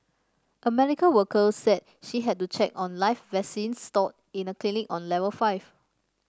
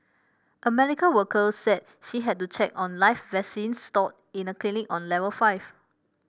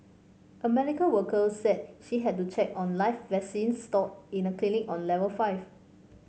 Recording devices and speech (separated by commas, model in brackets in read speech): standing microphone (AKG C214), boundary microphone (BM630), mobile phone (Samsung C5), read sentence